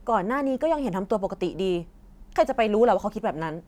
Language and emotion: Thai, frustrated